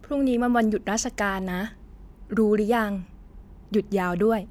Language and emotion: Thai, neutral